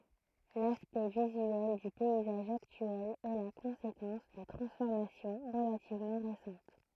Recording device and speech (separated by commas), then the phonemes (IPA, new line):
throat microphone, read sentence
laspɛkt vizyɛl dy pɛizaʒ aktyɛl ɛ la kɔ̃sekɑ̃s də tʁɑ̃sfɔʁmasjɔ̃ ʁəlativmɑ̃ ʁesɑ̃t